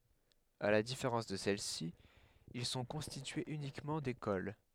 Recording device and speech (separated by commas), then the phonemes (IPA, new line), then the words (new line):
headset microphone, read sentence
a la difeʁɑ̃s də sɛlɛsi il sɔ̃ kɔ̃stityez ynikmɑ̃ dekol
À la différence de celles-ci, ils sont constitués uniquement d'écoles.